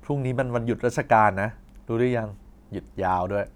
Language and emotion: Thai, neutral